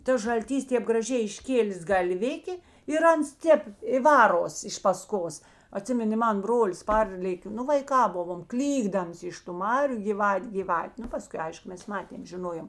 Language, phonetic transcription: Lithuanian, ˈtas žalˈtys ˈtėp graˈžiai išˈkėlės galˈvikė ir ˈans ˈtėp i ˈvaros iš paˈskos aˈtsiminė ˈman ˈbrolis ˈparlėkė ˈnu vaiˈkā ˈbuvom ˈklykdams iš tu ˈmariu gyˈvat' gyˈvat' ˈnu paˈskui ˈaišku ˈmes ˈmatėm žiˈnojom

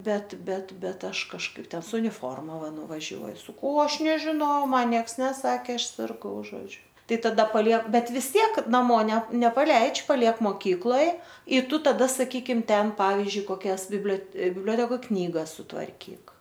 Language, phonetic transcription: Lithuanian, ˈbet ˈbet ˈbet ˈaš kažˈkaip ˈten su uniˈforma ˈva nuvaˈžiuoj saˈkau o ˈaš nežinau o ˈman ˈnieks neˈsakė ˈaš sirˈgau ˈžodžiu ˈtai taˈda paˈliek ˈbet vis ˈtiek naˈmo ne nepaˈleidž' paˈliek moˈkykloj i ˈtu taˈda saˈkykim ˈten ˈpavizdžiui koˈkias biblio bibˈliotekoj ˈknygas sutvarˈkyk

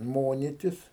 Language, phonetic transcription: Lithuanian, ˈmonitis

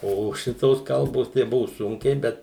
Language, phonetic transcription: Lithuanian, ˈo ˈšitos ˈkalbos tai ˈbuvu ˈsunkiai ˈbet

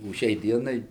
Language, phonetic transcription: Lithuanian, o ˈšiai ˈdienai

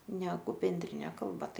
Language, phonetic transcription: Lithuanian, ˈnegu benˈdrine ˈkalba ˈtai

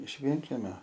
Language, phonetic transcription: Lithuanian, iš ˈvienˈkemio

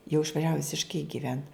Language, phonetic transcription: Lithuanian, jau išvaˈžiavu visišˈkai giˈvent

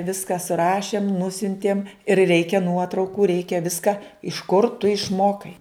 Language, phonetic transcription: Lithuanian, ˈviska suˈrašėm ˈnusiuntiem ir ˈreikia ˈnuotraukų ˈreikia ˈviska iš kur tu išˈmokai

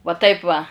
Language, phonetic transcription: Lithuanian, va ˈtaip va

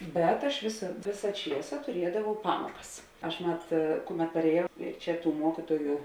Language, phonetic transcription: Lithuanian, ˈbet aš ˈvėsa ˈvėsa ˈčiesa tuˈriedavau ˈpamokas ˈaš ˈmat ˈkuˌmet parėˈjau ˈčia ˈtų ˈmuokituoju

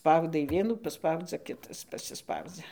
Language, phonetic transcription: Lithuanian, ˈspaudai ˈvienų paˈspaudzia ˈkitas pasiˈspaudzia

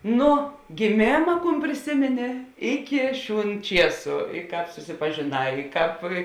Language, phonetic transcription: Lithuanian, ˈnu giˈmėma ˈkūn priˈsimini ˈiki ˈšiūn ˈčiesu i ˈkāp susipažėˈnā i ˈkāp

